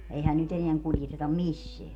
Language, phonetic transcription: Finnish, 'eihän nyt eneäŋ 'kuljetetam "misseä .
- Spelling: eihän nyt enää kuljeteta missään

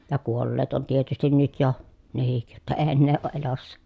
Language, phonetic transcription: Finnish, ja kuolleet on tietystin nyt jo , nehik , jotta ee ennee òʼ ʼelossa .
- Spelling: ja kuolleet on tietysti nyt jo nekin jotta ei enää ole elossa

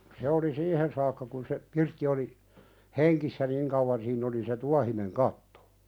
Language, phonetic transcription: Finnish, 'se oli "siihen saakka kun se , 'pirtti oli , "heŋkissä 'niŋ kauwan siinn ‿oli se "tuahineŋ 'kattᴏ .
- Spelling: se oli siihen saakka kun se pirtti oli hengissä niin kauan siinä oli se tuohinen katto

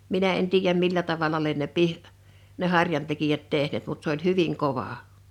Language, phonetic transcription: Finnish, 'minä en 'tiijäm 'millä tavala lien ne "pih ne 'harjantekijät 'tehneet mut s ‿oĺ "hyviŋ 'kova .
- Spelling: minä en tiedä millä tavalla lie ne - ne harjantekijät tehneet mutta se oli hyvin kova

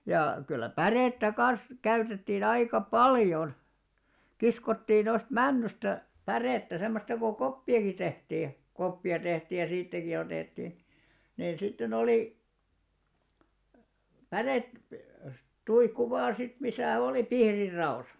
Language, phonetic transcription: Finnish, ja , 'kyllä "pärèttä 'kan̬s , 'käytettiin ‿aika "paljon , 'kiskottiin noist "männysta , 'pärèttä 'semmosta ko "koppi₍aki 'tehtii ja , 'koppi₍a tehtiij ja 'siittäki otètti , niin sitte'n ‿olì , "pärèt- , '-tuikku 'vaan̬ sit 'misä̀ olì "pihrir 'ra₍osᴀ .
- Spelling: ja kyllä pärettä kanssa käytettiin aika paljon kiskottiin noista männystä pärettä semmoista kun koppiakin tehtiin ja koppia tehtiin ja siitäkin otettiin niin sitten oli - päretuikku vain sitten missä oli pihdit raossa

